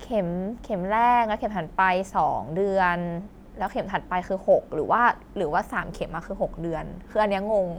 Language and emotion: Thai, neutral